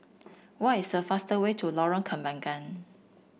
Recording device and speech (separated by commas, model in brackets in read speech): boundary microphone (BM630), read sentence